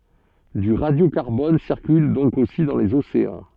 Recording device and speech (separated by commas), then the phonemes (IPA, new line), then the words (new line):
soft in-ear microphone, read sentence
dy ʁadjokaʁbɔn siʁkyl dɔ̃k osi dɑ̃ lez oseɑ̃
Du radiocarbone circule donc aussi dans les océans.